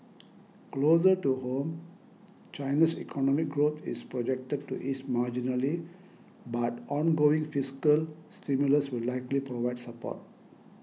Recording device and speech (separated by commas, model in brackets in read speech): mobile phone (iPhone 6), read sentence